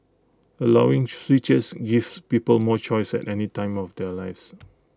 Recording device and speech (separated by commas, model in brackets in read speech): close-talking microphone (WH20), read sentence